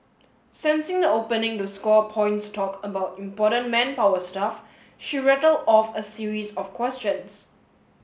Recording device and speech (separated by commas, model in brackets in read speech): mobile phone (Samsung S8), read sentence